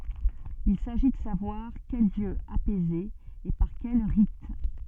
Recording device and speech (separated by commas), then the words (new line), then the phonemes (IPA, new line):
soft in-ear microphone, read sentence
Il s'agit de savoir quel dieu apaiser et par quels rites.
il saʒi də savwaʁ kɛl djø apɛze e paʁ kɛl ʁit